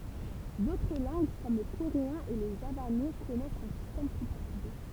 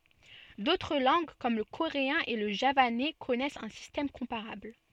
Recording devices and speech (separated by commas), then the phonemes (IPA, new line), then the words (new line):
temple vibration pickup, soft in-ear microphone, read sentence
dotʁ lɑ̃ɡ kɔm lə koʁeɛ̃ e lə ʒavanɛ kɔnɛst œ̃ sistɛm kɔ̃paʁabl
D'autres langues, comme le coréen et le javanais, connaissent un système comparable.